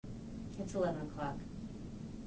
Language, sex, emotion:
English, female, neutral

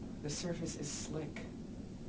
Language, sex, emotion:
English, male, neutral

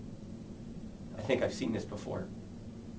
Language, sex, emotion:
English, male, neutral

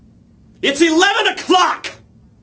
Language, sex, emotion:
English, male, angry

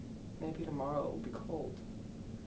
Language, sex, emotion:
English, male, sad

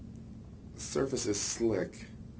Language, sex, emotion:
English, male, neutral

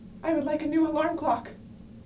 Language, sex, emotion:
English, female, fearful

